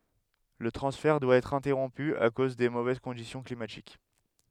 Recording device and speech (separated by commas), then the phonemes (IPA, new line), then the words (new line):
headset microphone, read sentence
lə tʁɑ̃sfɛʁ dwa ɛtʁ ɛ̃tɛʁɔ̃py a koz de movɛz kɔ̃disjɔ̃ klimatik
Le transfert doit être interrompu à cause des mauvaises conditions climatiques.